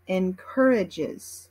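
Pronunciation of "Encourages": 'Encourages' is pronounced in American English.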